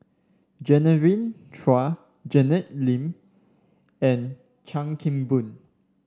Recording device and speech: standing microphone (AKG C214), read sentence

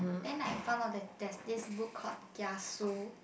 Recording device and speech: boundary microphone, conversation in the same room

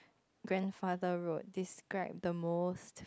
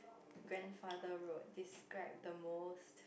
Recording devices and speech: close-talking microphone, boundary microphone, conversation in the same room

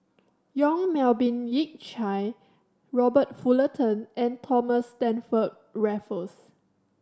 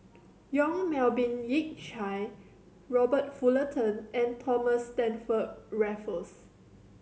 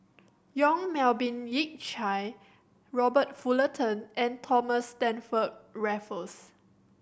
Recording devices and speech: standing microphone (AKG C214), mobile phone (Samsung C7100), boundary microphone (BM630), read sentence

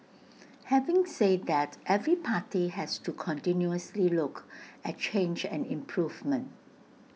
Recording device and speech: mobile phone (iPhone 6), read sentence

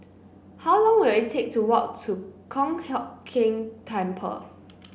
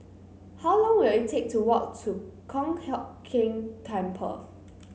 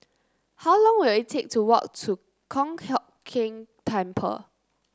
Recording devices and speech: boundary microphone (BM630), mobile phone (Samsung C9), close-talking microphone (WH30), read sentence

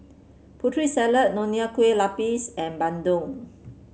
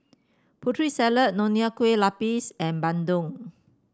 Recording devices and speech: mobile phone (Samsung C7), standing microphone (AKG C214), read sentence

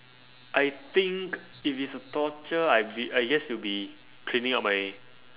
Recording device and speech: telephone, conversation in separate rooms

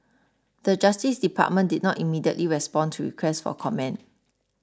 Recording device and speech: standing microphone (AKG C214), read sentence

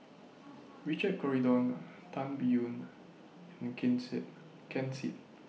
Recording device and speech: mobile phone (iPhone 6), read sentence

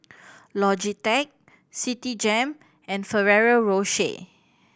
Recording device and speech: boundary microphone (BM630), read sentence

